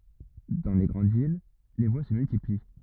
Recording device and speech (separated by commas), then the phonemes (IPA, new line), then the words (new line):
rigid in-ear microphone, read sentence
dɑ̃ le ɡʁɑ̃d vil le vwa sə myltipli
Dans les grandes villes, les voies se multiplient.